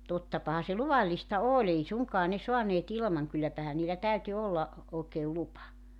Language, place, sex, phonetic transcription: Finnish, Joutsa, female, 'tottapaha se 'luvallista "oo''l ‿ei sue 'soanee't ‿ilmaŋ 'kylläpähä niillä 'täyty 'olla , 'ookeel "lupa .
- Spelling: tottapahan se luvallista oli ei suinkaan saaneet ilman kylläpähän niillä täytyi olla oikein lupa

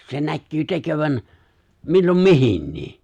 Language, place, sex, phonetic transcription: Finnish, Lapinlahti, male, s- , 'se 'näkkyy 'tekövän , 'millom "mihinnii !
- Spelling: - se näkyy tekevän milloin mihinkin

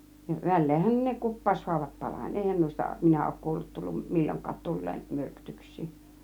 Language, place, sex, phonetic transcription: Finnish, Kiihtelysvaara, female, ja , "väl̆leehän ne 'kuppàushuavat 'parań , "èihän 'nùista , 'minä òuk 'kuullut 'tulluˀ , "mil͕l͕oŋk̆kaat 'tul̀leem "myrkytyks̆sii .
- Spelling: ja väleenhän ne kuppaushaavat parani eihän noista minä ole kuullut tullut milloinkaan tulleen myrkytyksiä

